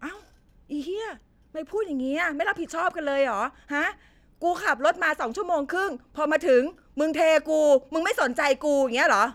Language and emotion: Thai, angry